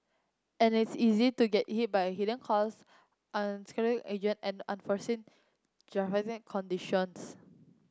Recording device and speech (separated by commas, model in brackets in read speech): close-talking microphone (WH30), read sentence